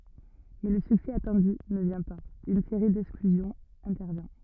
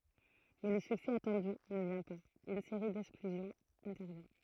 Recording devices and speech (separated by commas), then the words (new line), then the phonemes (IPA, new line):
rigid in-ear microphone, throat microphone, read sentence
Mais le succès attendu ne vient pas, une série d'exclusions intervient.
mɛ lə syksɛ atɑ̃dy nə vjɛ̃ paz yn seʁi dɛksklyzjɔ̃z ɛ̃tɛʁvjɛ̃